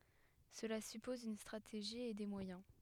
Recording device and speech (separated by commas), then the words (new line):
headset microphone, read sentence
Cela suppose une stratégie et des moyens.